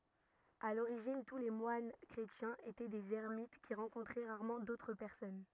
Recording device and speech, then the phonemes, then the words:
rigid in-ear microphone, read sentence
a loʁiʒin tu le mwan kʁetjɛ̃z etɛ dez ɛʁmit ki ʁɑ̃kɔ̃tʁɛ ʁaʁmɑ̃ dotʁ pɛʁsɔn
À l'origine, tous les moines chrétiens étaient des ermites qui rencontraient rarement d'autres personnes.

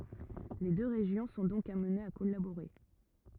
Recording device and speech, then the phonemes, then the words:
rigid in-ear microphone, read sentence
le dø ʁeʒjɔ̃ sɔ̃ dɔ̃k amnez a kɔlaboʁe
Les deux régions sont donc amenées à collaborer.

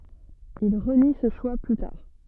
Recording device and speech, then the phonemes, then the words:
soft in-ear microphone, read sentence
il ʁəni sə ʃwa ply taʁ
Il renie ce choix plus tard.

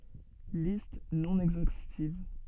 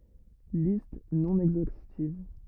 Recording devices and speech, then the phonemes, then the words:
soft in-ear microphone, rigid in-ear microphone, read sentence
list nɔ̃ ɛɡzostiv
Listes non exhaustives.

